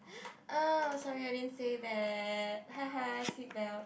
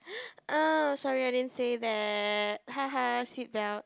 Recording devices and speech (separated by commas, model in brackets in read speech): boundary microphone, close-talking microphone, conversation in the same room